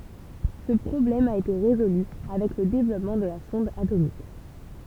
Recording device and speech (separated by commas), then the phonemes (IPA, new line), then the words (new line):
temple vibration pickup, read sentence
sə pʁɔblɛm a ete ʁezoly avɛk lə devlɔpmɑ̃ də la sɔ̃d atomik
Ce problème a été résolue avec le développement de la sonde atomique.